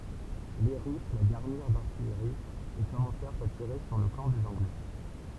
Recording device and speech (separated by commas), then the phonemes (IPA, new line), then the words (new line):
temple vibration pickup, read sentence
le ʁys la ɡaʁniʁ daʁtijʁi e kɔmɑ̃sɛʁt a tiʁe syʁ lə kɑ̃ dez ɑ̃ɡlɛ
Les Russes la garnirent d’artillerie, et commencèrent à tirer sur le camp des Anglais.